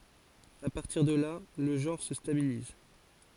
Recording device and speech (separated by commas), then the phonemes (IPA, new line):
forehead accelerometer, read sentence
a paʁtiʁ də la lə ʒɑ̃ʁ sə stabiliz